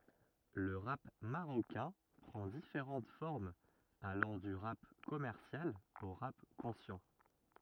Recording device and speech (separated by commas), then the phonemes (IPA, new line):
rigid in-ear microphone, read sentence
lə ʁap maʁokɛ̃ pʁɑ̃ difeʁɑ̃t fɔʁmz alɑ̃ dy ʁap kɔmɛʁsjal o ʁap kɔ̃sjɑ̃